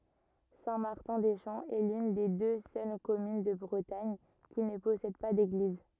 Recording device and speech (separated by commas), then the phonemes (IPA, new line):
rigid in-ear microphone, read sentence
sɛ̃ maʁtɛ̃ de ʃɑ̃ ɛ lyn de dø sœl kɔmyn də bʁətaɲ ki nə pɔsɛd pa deɡliz